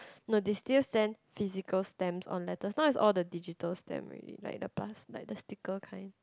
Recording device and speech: close-talking microphone, conversation in the same room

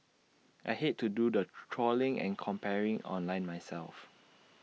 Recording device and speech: mobile phone (iPhone 6), read sentence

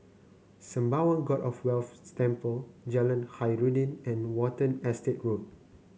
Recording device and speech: mobile phone (Samsung C9), read sentence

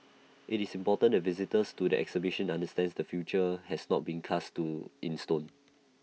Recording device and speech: mobile phone (iPhone 6), read sentence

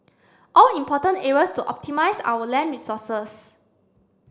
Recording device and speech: standing microphone (AKG C214), read sentence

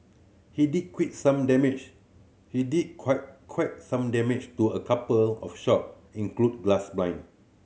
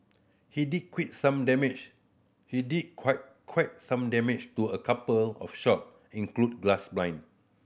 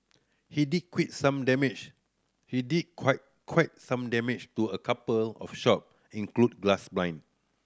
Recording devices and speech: mobile phone (Samsung C7100), boundary microphone (BM630), standing microphone (AKG C214), read sentence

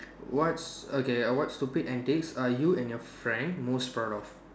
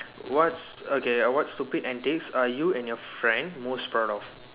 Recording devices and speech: standing microphone, telephone, conversation in separate rooms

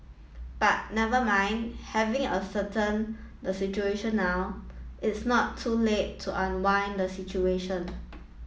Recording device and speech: mobile phone (iPhone 7), read sentence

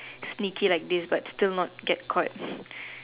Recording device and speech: telephone, conversation in separate rooms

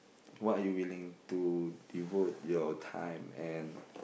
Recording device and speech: boundary microphone, conversation in the same room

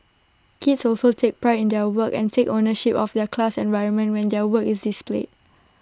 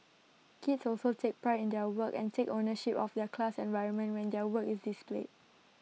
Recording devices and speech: standing microphone (AKG C214), mobile phone (iPhone 6), read sentence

